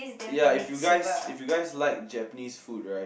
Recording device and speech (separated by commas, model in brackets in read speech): boundary microphone, conversation in the same room